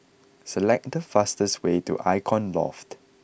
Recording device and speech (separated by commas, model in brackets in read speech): boundary microphone (BM630), read sentence